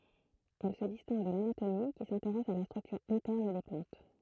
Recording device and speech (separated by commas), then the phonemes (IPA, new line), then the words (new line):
throat microphone, read sentence
ɛl sə distɛ̃ɡ də lanatomi ki sɛ̃teʁɛs a la stʁyktyʁ ɛ̃tɛʁn de plɑ̃t
Elle se distingue de l'anatomie, qui s'intéresse à la structure interne des plantes.